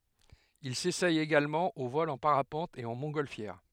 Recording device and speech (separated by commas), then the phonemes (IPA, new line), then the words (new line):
headset microphone, read sentence
il sesɛ eɡalmɑ̃ o vɔl ɑ̃ paʁapɑ̃t e ɑ̃ mɔ̃tɡɔlfjɛʁ
Il s'essaie également au vol en parapente et en montgolfière.